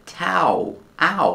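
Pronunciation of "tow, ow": In 'tow' and 'ow', the vowel is the same ow sound as in 'cow' and 'how'.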